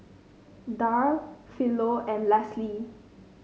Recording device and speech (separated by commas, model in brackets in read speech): mobile phone (Samsung C5), read sentence